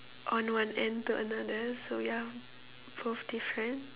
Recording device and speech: telephone, conversation in separate rooms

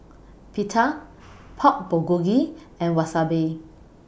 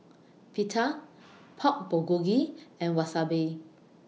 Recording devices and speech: boundary microphone (BM630), mobile phone (iPhone 6), read sentence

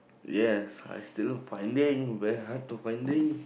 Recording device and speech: boundary microphone, conversation in the same room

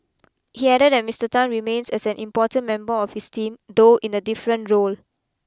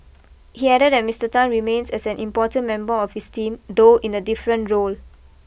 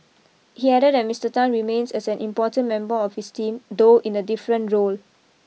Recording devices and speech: close-talking microphone (WH20), boundary microphone (BM630), mobile phone (iPhone 6), read sentence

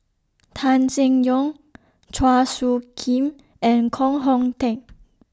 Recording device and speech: standing microphone (AKG C214), read sentence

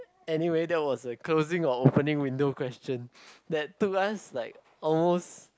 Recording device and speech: close-talking microphone, conversation in the same room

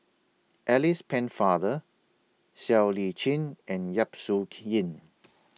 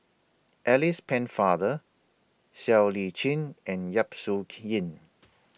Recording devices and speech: mobile phone (iPhone 6), boundary microphone (BM630), read sentence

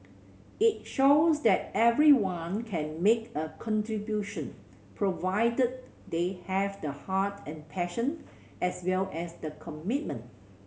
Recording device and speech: mobile phone (Samsung C7100), read sentence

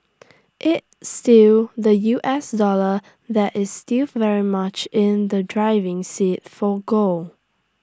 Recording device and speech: standing microphone (AKG C214), read sentence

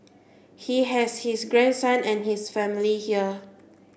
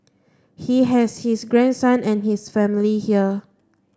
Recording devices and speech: boundary microphone (BM630), standing microphone (AKG C214), read sentence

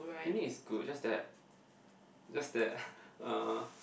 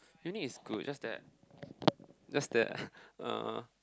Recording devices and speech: boundary microphone, close-talking microphone, conversation in the same room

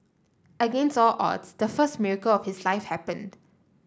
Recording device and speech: standing microphone (AKG C214), read sentence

